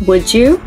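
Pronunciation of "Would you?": In 'Would you?', the d before 'you' sounds like a j.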